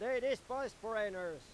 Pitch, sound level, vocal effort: 225 Hz, 102 dB SPL, very loud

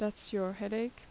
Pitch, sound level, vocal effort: 210 Hz, 81 dB SPL, normal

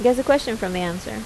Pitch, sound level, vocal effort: 195 Hz, 82 dB SPL, normal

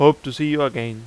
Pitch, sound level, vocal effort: 140 Hz, 90 dB SPL, loud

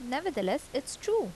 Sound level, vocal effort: 81 dB SPL, normal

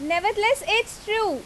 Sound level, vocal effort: 90 dB SPL, very loud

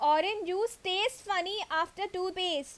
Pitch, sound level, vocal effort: 370 Hz, 90 dB SPL, very loud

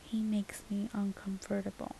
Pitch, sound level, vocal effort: 205 Hz, 74 dB SPL, soft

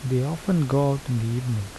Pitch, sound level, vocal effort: 130 Hz, 77 dB SPL, soft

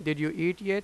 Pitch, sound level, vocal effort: 175 Hz, 92 dB SPL, loud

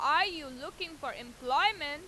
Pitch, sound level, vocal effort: 295 Hz, 99 dB SPL, very loud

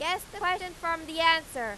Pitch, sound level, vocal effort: 330 Hz, 101 dB SPL, very loud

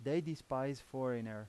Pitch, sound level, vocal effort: 130 Hz, 89 dB SPL, loud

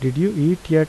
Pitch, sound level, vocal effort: 160 Hz, 81 dB SPL, normal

